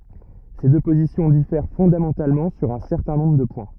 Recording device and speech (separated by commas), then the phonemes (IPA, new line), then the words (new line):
rigid in-ear microphone, read sentence
se dø pozisjɔ̃ difɛʁ fɔ̃damɑ̃talmɑ̃ syʁ œ̃ sɛʁtɛ̃ nɔ̃bʁ də pwɛ̃
Ces deux positions diffèrent fondamentalement sur un certain nombre de points.